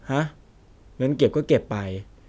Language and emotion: Thai, frustrated